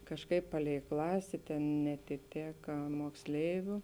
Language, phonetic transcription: Lithuanian, kažˈkaip paˈlei ˈklasė tėn neatiˈtėka mokˈsleiviu

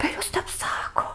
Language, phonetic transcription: Lithuanian, per ˈjus ˈtep ˈsako

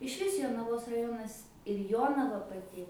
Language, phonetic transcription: Lithuanian, išˈvis jonaˈvos raˈjonas ir ˈjonava paˈti

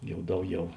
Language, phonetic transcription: Lithuanian, ˈjau ˈdauˌgiau

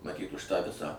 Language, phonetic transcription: Lithuanian, maˈtyt už tą ˈvisą

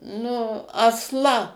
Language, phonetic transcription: Lithuanian, nu asˈla

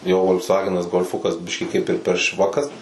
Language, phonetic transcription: Lithuanian, jau vol'ksˈvagenas golˈfukas ˈbiškį kaip ir per ˈšvakas

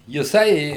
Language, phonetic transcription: Lithuanian, jiˈsai

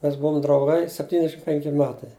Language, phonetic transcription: Lithuanian, mes ˈbuom drauˈgai sepˈtynešim ˈpenki ˈmetai

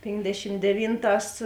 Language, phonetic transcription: Lithuanian, ˈpėndešim deˈvynˌtās

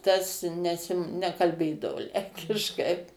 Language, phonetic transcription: Lithuanian, ˈtas ˈnesi nekalˈbėdavo ˈlenkiškai

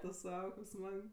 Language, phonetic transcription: Lithuanian, tu ˈsau kaip ˈsmag

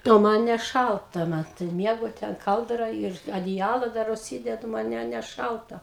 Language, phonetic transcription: Lithuanian, o ˈman neˈšalta ˈmat tai ˈmiegu ˈten ˈkaldra ir adiˈjala ˈdar užˈsydedu ˈman ˈne ˈne neˈšalta

